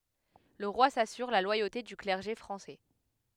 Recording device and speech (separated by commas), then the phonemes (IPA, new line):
headset microphone, read sentence
lə ʁwa sasyʁ la lwajote dy klɛʁʒe fʁɑ̃sɛ